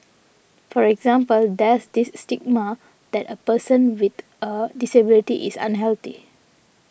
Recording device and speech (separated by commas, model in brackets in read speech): boundary microphone (BM630), read sentence